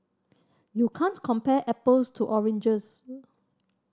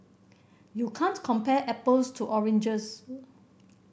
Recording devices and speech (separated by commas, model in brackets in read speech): standing microphone (AKG C214), boundary microphone (BM630), read sentence